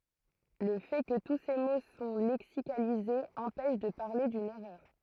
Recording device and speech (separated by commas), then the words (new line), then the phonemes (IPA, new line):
throat microphone, read sentence
Le fait que tous ces mots sont lexicalisés empêche de parler d'une erreur.
lə fɛ kə tu se mo sɔ̃ lɛksikalizez ɑ̃pɛʃ də paʁle dyn ɛʁœʁ